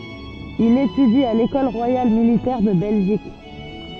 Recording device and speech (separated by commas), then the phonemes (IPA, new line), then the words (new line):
soft in-ear microphone, read sentence
il etydi a lekɔl ʁwajal militɛʁ də bɛlʒik
Il étudie à l'École royale militaire de Belgique.